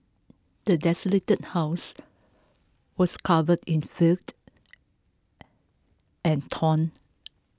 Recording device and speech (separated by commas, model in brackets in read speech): close-talking microphone (WH20), read sentence